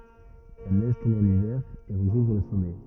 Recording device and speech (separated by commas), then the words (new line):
rigid in-ear microphone, read sentence
La neige tombe en hiver et recouvre le sommet.